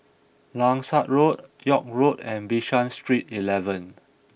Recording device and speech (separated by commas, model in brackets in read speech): boundary microphone (BM630), read sentence